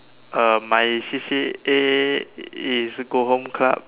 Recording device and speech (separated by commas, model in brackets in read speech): telephone, conversation in separate rooms